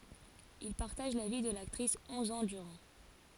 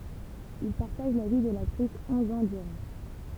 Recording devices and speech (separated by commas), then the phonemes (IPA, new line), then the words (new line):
forehead accelerometer, temple vibration pickup, read sentence
il paʁtaʒ la vi də laktʁis ɔ̃z ɑ̃ dyʁɑ̃
Il partage la vie de l'actrice onze ans durant.